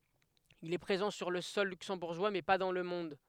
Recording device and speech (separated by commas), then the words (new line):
headset microphone, read sentence
Il est présent sur le sol luxembourgeois mais pas dans le monde.